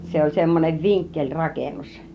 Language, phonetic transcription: Finnish, 'se oĺ semmonev "viŋkkeĺrakennus .
- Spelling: se oli semmoinen vinkkelirakennus

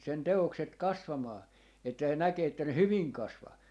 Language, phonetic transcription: Finnish, 'sen 'te₍okset 'kasvamaa , että se 'näkee että ne "hyviŋ 'kasvaa .
- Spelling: sen teokset kasvamaan että se näkee että ne hyvin kasvaa

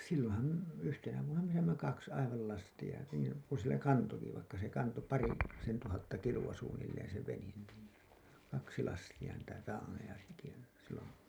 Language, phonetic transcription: Finnish, silloo̰ham§ , 'yhtenä vuonna me saimma 'kaks aival lastiʲa , niin̬ , ku sillä 'kantoki vaikka se 'kanto , 'pari- , -sen tuhatta kiluwa suunnilleen se venen niin̬ , 'kaksi 'lastiʲa niitä 'raaneja seki , sillon̬ .
- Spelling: silloinhan yhtenä vuonna me saimme kaksi aivan lastia niin kun sillä kantoikin vaikka se kantoi - parisen tuhatta kiloa suunnilleen se vene niin kaksi lastia niitä traaneja sekin silloin

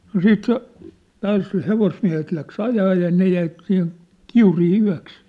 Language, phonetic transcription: Finnish, no "siit se , 'taas s̳e 'hevosmiä̭het läks 'ajaa ja 'ne jäi , 'siihen , "Kiurii 'yä̭ks .
- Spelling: no sitten se taas se hevosmiehet lähti ajamaan ja ne jäi siihen Kiuriin yöksi

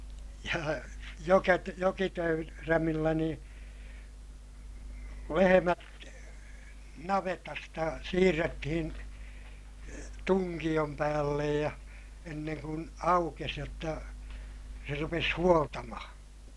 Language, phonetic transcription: Finnish, ja joket- , jokitöy- , -rämillä niḭ , lehemät , navetasta siirrettihin , tuŋkiʲom päällej ja , enneŋ kun , aukes jotta , se rupes huoltamahaa̰ .
- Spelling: ja - - jokitöyrämillä niin lehmät navetasta siirrettiin tunkion päälle ja ennen kuin aukesi jotta se rupesi huoltamaan

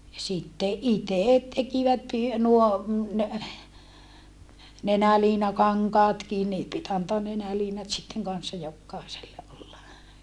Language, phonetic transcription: Finnish, ja sitte ʼitèt tekivät py- , nuo , nenäliinakaŋkaatkin nii pit antoan nenäliinat sitteŋ kanssa jokkàeselle ʼolla .
- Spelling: ja sitten itse tekivät - nuo nenäliinakankaatkin niin piti antaa nenäliinat sitten kanssa jokaiselle olla

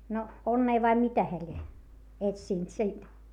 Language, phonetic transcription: Finnish, no , onnee vai mitä heä ĺie , etsìnt siint .
- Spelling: no onnea vai mitä hän lie etsinyt siitä

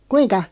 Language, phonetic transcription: Finnish, kuiŋka ?
- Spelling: kuinka

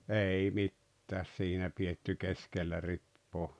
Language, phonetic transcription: Finnish, 'ei "mittääs 'siinä pietty 'keskellä 'rippoo .
- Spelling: ei mitään siinä pidetty keskellä ripaa

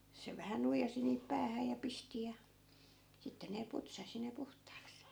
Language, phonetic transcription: Finnish, 'se vähä "nuijasi niip 'päähä ja 'pisti ja , sitte ne 'putsasi ne 'puht̀aaks .
- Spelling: se vähän nuijasi niin päähän ja pisti ja sitten ne putsasi ne puhtaaksi

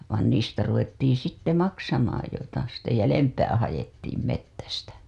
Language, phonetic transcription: Finnish, vàn niistä ruvettiiḭ sitte "maksamaaj joita ‿ste 'jälempää hajettiim 'mettästä .
- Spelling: vaan niistä ruvettiin sitten maksamaan joita sitten jäljempää haettiin metsästä

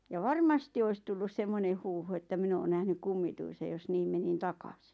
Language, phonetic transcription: Finnish, ja "varmasti ois tullus 'semmone huuhu että 'min ‿oon nähny "kummituisej jos 'niim menin "takasɪ .
- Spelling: ja varmasti olisi tullut semmoinen huhu että minä olen nähnyt kummituisen jos niin menin takaisin

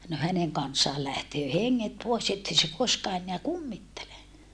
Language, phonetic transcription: Finnish, no häneŋ kanssaal lähtöö heŋŋet pòes ettei se koskaa enneä kummittele .
- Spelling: no hänen kanssaan lähtee henget pois että ei se koskaan enää kummittele

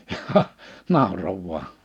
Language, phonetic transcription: Finnish, ʲᵃhah , 'nàoro vua .
- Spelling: jaaha nauroi vain

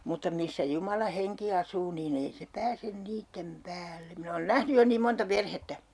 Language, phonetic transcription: Finnish, mutta 'missä 'Jumala 'heŋki 'asuu nii'n ‿ei se 'pääsen "niittem "päälle , min ‿oon "nähny 'jo niim 'monta 'perhettä !
- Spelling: mutta missä Jumalan henki asuu niin ei se pääse niiden päälle minä olen nähnyt jo niin monta perhettä

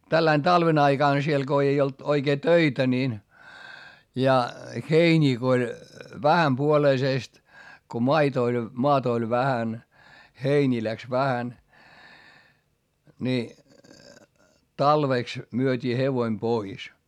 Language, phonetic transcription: Finnish, tälläin talven ‿aiGàn siel Go ei olt , oikee töitä niin , ja , heińii ko oĺ , vähämpuoleisèst , ko mait ‿oĺ , moatᵃ oĺ vähän , heińii läks vähän , ni , talvèks , myöt́ii hevoⁱm pois .
- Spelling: tällä lailla talven aikana siellä kun ei ollut oikein töitä niin ja heiniä kun oli vähänpuoleisesti kun maita oli maata oli vähän heiniä lähti vähän niin talveksi myytiin hevonen pois

